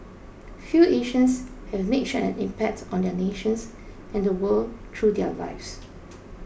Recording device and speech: boundary microphone (BM630), read sentence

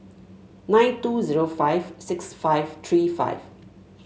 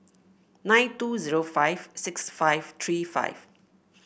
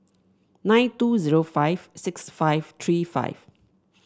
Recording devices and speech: mobile phone (Samsung S8), boundary microphone (BM630), standing microphone (AKG C214), read sentence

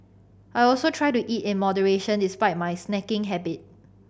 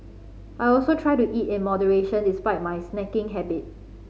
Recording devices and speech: boundary microphone (BM630), mobile phone (Samsung C5010), read sentence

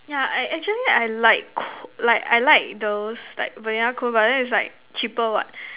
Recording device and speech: telephone, conversation in separate rooms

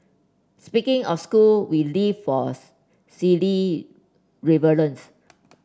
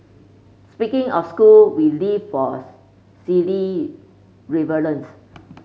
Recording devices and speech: standing microphone (AKG C214), mobile phone (Samsung C5), read sentence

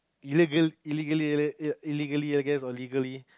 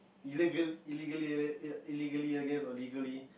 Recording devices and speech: close-talking microphone, boundary microphone, conversation in the same room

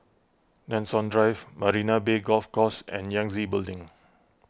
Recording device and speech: close-talking microphone (WH20), read sentence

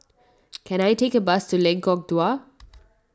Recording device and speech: standing microphone (AKG C214), read sentence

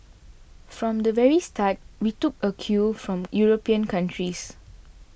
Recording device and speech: boundary microphone (BM630), read sentence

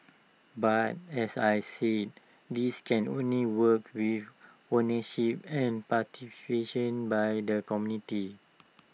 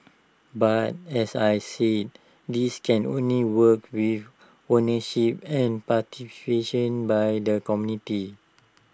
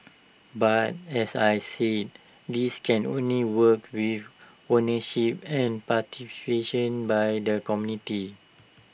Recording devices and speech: mobile phone (iPhone 6), standing microphone (AKG C214), boundary microphone (BM630), read sentence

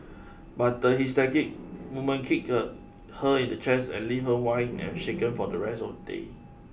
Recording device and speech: boundary microphone (BM630), read sentence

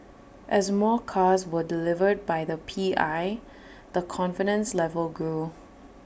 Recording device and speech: boundary microphone (BM630), read sentence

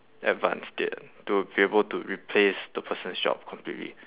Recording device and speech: telephone, conversation in separate rooms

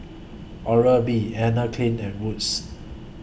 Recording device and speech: boundary microphone (BM630), read sentence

